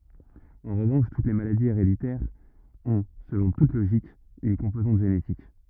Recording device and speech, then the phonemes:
rigid in-ear microphone, read sentence
ɑ̃ ʁəvɑ̃ʃ tut le maladiz eʁeditɛʁz ɔ̃ səlɔ̃ tut loʒik yn kɔ̃pozɑ̃t ʒenetik

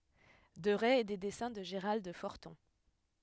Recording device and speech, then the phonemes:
headset microphone, read sentence
dəʁɛ e de dɛsɛ̃ də ʒəʁald fɔʁtɔ̃

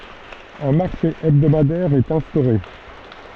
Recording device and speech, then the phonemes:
soft in-ear microphone, read sentence
œ̃ maʁʃe ɛbdomadɛʁ ɛt ɛ̃stoʁe

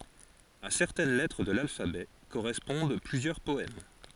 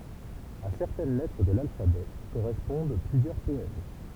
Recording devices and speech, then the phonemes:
forehead accelerometer, temple vibration pickup, read sentence
a sɛʁtɛn lɛtʁ də lalfabɛ koʁɛspɔ̃d plyzjœʁ pɔɛm

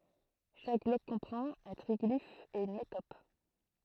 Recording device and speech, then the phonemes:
throat microphone, read sentence
ʃak blɔk kɔ̃pʁɑ̃t œ̃ tʁiɡlif e yn metɔp

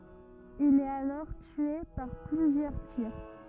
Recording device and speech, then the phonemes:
rigid in-ear microphone, read sentence
il ɛt alɔʁ tye paʁ plyzjœʁ tiʁ

